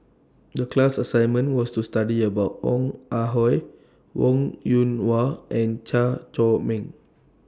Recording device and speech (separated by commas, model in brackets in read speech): standing microphone (AKG C214), read sentence